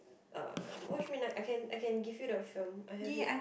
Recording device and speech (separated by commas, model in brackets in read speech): boundary microphone, conversation in the same room